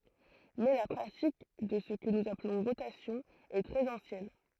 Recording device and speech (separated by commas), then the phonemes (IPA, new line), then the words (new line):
throat microphone, read sentence
mɛ la pʁatik də sə kə nuz aplɔ̃ ʁotasjɔ̃ ɛ tʁɛz ɑ̃sjɛn
Mais la pratique de ce que nous appelons rotation est très ancienne.